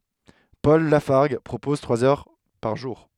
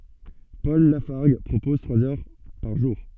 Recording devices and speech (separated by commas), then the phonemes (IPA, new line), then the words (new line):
headset microphone, soft in-ear microphone, read sentence
pɔl lafaʁɡ pʁopɔz tʁwaz œʁ paʁ ʒuʁ
Paul Lafargue propose trois heures par jour.